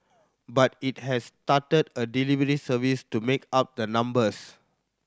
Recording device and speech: standing microphone (AKG C214), read sentence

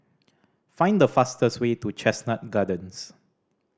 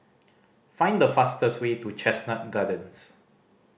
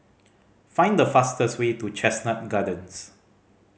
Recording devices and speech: standing microphone (AKG C214), boundary microphone (BM630), mobile phone (Samsung C5010), read sentence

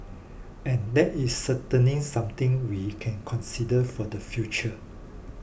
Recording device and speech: boundary microphone (BM630), read sentence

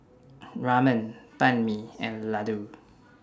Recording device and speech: standing microphone (AKG C214), read sentence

